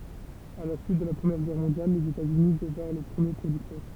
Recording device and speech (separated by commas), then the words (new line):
temple vibration pickup, read sentence
À la suite de la Première Guerre mondiale, les États-Unis devinrent le premier producteur.